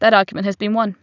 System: none